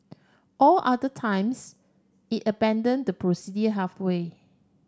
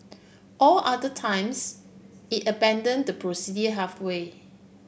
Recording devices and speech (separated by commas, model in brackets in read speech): standing microphone (AKG C214), boundary microphone (BM630), read sentence